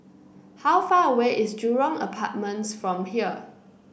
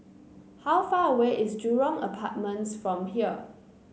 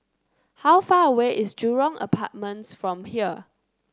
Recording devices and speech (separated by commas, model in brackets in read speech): boundary microphone (BM630), mobile phone (Samsung C9), close-talking microphone (WH30), read sentence